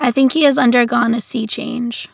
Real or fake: real